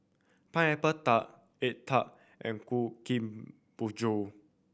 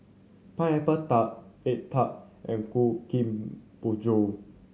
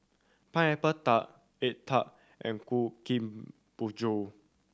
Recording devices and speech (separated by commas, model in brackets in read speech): boundary microphone (BM630), mobile phone (Samsung C7100), standing microphone (AKG C214), read sentence